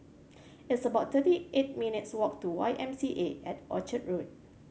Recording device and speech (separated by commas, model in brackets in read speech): mobile phone (Samsung C7100), read sentence